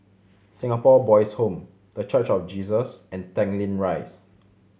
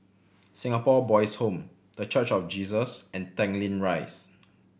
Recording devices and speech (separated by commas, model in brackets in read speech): mobile phone (Samsung C7100), boundary microphone (BM630), read sentence